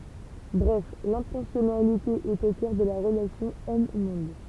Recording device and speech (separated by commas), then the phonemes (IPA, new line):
temple vibration pickup, read sentence
bʁɛf lɛ̃tɑ̃sjɔnalite ɛt o kœʁ də la ʁəlasjɔ̃ ɔmmɔ̃d